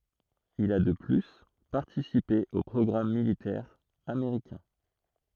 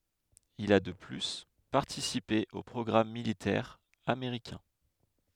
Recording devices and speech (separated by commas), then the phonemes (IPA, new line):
throat microphone, headset microphone, read sentence
il a də ply paʁtisipe o pʁɔɡʁam militɛʁz ameʁikɛ̃